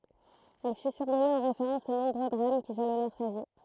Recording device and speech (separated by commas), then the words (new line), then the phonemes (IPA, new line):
throat microphone, read sentence
Elle fut surnommée en référence aux nombreux drames qui jalonnèrent sa vie.
ɛl fy syʁnɔme ɑ̃ ʁefeʁɑ̃s o nɔ̃bʁø dʁam ki ʒalɔnɛʁ sa vi